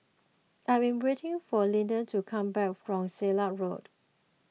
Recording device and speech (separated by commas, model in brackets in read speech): mobile phone (iPhone 6), read sentence